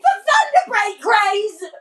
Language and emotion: English, surprised